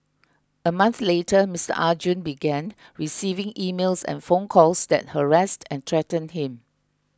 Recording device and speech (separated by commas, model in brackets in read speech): close-talking microphone (WH20), read sentence